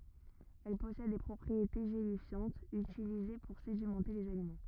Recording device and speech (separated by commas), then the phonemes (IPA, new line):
rigid in-ear microphone, read sentence
ɛl pɔsɛd de pʁɔpʁiete ʒelifjɑ̃tz ytilize puʁ sedimɑ̃te lez alimɑ̃